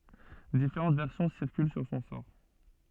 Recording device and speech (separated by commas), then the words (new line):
soft in-ear microphone, read sentence
Différentes versions circulent sur son sort.